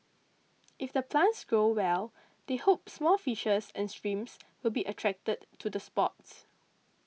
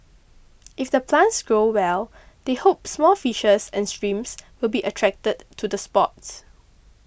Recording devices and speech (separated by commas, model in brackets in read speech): mobile phone (iPhone 6), boundary microphone (BM630), read sentence